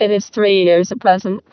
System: VC, vocoder